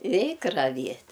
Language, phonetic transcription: Lithuanian, ˈreik raˈviet'

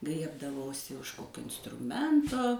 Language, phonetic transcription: Lithuanian, ˈgriebdavausi už ˈkokio instruˈmento

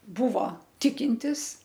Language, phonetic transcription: Lithuanian, ˈbuvo ˈtikintis

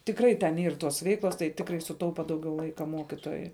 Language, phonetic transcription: Lithuanian, tikˈrai ten ˈyr ˈtos ˈveiklos tai ˈtikrai suˈtaupa ˈdaugiau ˈlaika ˈmokitojui

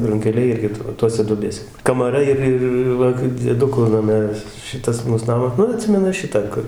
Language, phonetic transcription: Lithuanian, runkeˈliai ˈirgi ˈtose duoˈbėse kamaˈra ir ˈir ˈva dzieˈduku naˈme vis ˈšitas ˈmūs ˈnamas ˈnu aˈtsimenu ˈšitą ˈkur

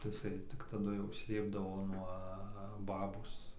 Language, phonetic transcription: Lithuanian, tai iˈsai tik ˈtadu jau ˈslėpdavo nuo ˈbabos

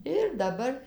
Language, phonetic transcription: Lithuanian, ir daˈbar

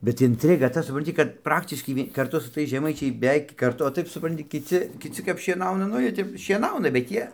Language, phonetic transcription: Lithuanian, bet intˈriga ˈta supranˈti kad ˈpraktiškai ˈvie karˈtu su ˈtais žeˈmaičiai beˈveik karˈtu o ˈtaip suˈpranti kiˈci kiˈci kap šieˈnauna ˈnu ˈjie ˈtep šieˈnauna bet ˈjie

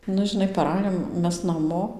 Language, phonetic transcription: Lithuanian, ˈnu žiˈnai paˈrajom ˈmes naˈmo

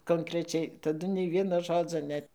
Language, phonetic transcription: Lithuanian, konkreˈčiai taˈdu nei ˈvieno ˈžodzo ˈnet

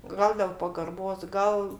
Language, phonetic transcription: Lithuanian, ˈgal del pagarˈbos ˈgal

